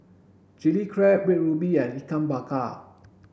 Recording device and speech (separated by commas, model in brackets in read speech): boundary microphone (BM630), read sentence